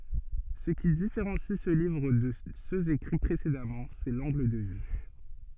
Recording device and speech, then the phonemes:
soft in-ear microphone, read sentence
sə ki difeʁɑ̃si sə livʁ də søz ekʁi pʁesedamɑ̃ sɛ lɑ̃ɡl də vy

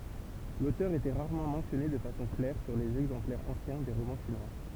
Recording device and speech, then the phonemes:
temple vibration pickup, read sentence
lotœʁ etɛ ʁaʁmɑ̃ mɑ̃sjɔne də fasɔ̃ klɛʁ syʁ lez ɛɡzɑ̃plɛʁz ɑ̃sjɛ̃ de ʁomɑ̃ ʃinwa

